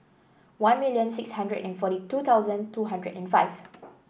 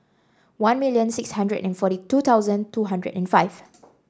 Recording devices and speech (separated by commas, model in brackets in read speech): boundary microphone (BM630), standing microphone (AKG C214), read sentence